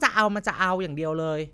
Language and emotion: Thai, frustrated